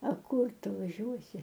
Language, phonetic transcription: Lithuanian, a ˈkur ˈtu vaˈžiuosi

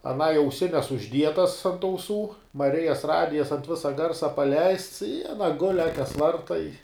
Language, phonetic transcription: Lithuanian, aˈnai auˈsines užˈdietas ant auˈsų maˈrijas ˈradijas ant ˈvisa ˈgarsa paˈleists i aˈna gul' ˈakes ˈvarta i

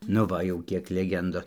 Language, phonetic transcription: Lithuanian, nu ˈva jau ˈkiek leˈgendos

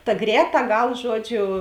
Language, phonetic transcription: Lithuanian, ta ˈgrēˌtā ˈgal ˈžuodˌžiu

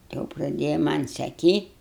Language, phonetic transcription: Lithuanian, jau praˈdėja ˈman' saˈkyt'

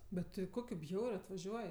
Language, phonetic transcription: Lithuanian, be ˈti ˈkokiu ˈbjauriu atvaˈžiuoj

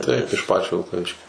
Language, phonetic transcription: Lithuanian, taip iš ˈpačio vilkaˈviškio

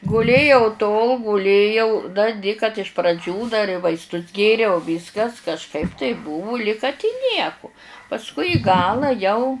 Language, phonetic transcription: Lithuanian, guˈlėjau tol guˈlėjau da di kad iš praˈdžių dar i vaisˈtus ˈgėriau ˈvyskas kažˈkaip taip ˈbuvu lig kad i ˈnieku pasˈkui i ˈgala jau

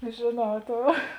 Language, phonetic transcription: Lithuanian, žėˈnau ˈtou

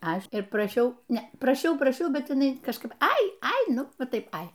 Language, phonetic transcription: Lithuanian, ˈaš ir praˈšiau ˈne praˈšiau praˈšiau ˈbet jiˈnai kažˈkaip ˈai ai ˈnu ˈva ˈtaip ˈai

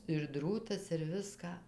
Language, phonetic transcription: Lithuanian, ir ˈdrūtas ir ˈviską

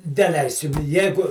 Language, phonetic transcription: Lithuanian, deˈleisim ˈjegu

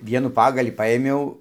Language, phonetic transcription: Lithuanian, ˈvienų ˈpagalį ˈpaėmiau

